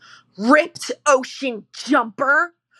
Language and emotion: English, disgusted